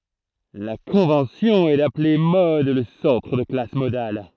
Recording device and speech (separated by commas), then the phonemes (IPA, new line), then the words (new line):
throat microphone, read sentence
la kɔ̃vɑ̃sjɔ̃ ɛ daple mɔd lə sɑ̃tʁ də la klas modal
La convention est d'appeler mode le centre de la classe modale.